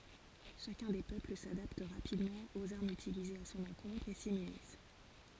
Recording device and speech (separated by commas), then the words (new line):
forehead accelerometer, read sentence
Chacun des peuples s'adapte rapidement aux armes utilisées à son encontre et s'immunise.